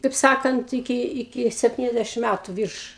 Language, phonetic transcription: Lithuanian, kaip ˈsakant iˈki iˈki sepˈtyniasdešim ˈmætu ˈvyrš

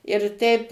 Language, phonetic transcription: Lithuanian, ir ˈteip

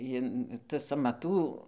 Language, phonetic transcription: Lithuanian, ˈjin tas amaˈtų

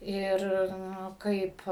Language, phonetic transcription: Lithuanian, ˈir ˈnu ˈkaip

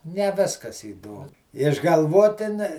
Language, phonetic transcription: Lithuanian, ne ˈviskas įˈdom išgalˈvoti ne

